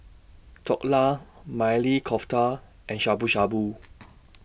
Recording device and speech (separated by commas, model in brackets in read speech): boundary microphone (BM630), read sentence